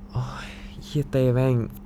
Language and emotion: Thai, frustrated